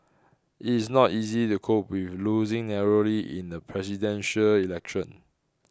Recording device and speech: close-talking microphone (WH20), read sentence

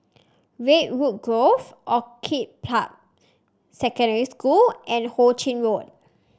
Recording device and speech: standing microphone (AKG C214), read sentence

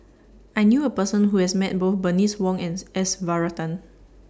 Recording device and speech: standing microphone (AKG C214), read sentence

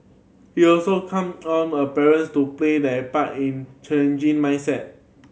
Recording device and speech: mobile phone (Samsung C7100), read sentence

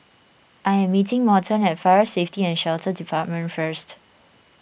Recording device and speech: boundary microphone (BM630), read sentence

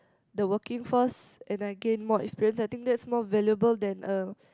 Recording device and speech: close-talking microphone, conversation in the same room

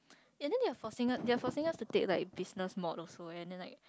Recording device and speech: close-talking microphone, conversation in the same room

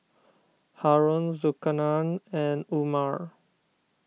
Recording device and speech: mobile phone (iPhone 6), read sentence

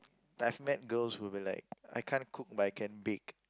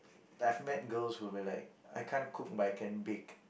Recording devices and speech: close-talking microphone, boundary microphone, conversation in the same room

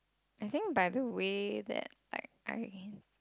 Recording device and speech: close-talking microphone, conversation in the same room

